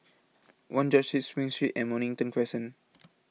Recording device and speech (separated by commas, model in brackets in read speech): mobile phone (iPhone 6), read sentence